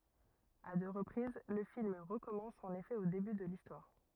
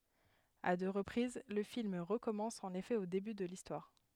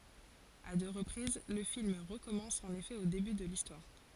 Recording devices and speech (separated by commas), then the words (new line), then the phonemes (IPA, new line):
rigid in-ear microphone, headset microphone, forehead accelerometer, read sentence
À deux reprises, le film recommence en effet au début de l'histoire.
a dø ʁəpʁiz lə film ʁəkɔmɑ̃s ɑ̃n efɛ o deby də listwaʁ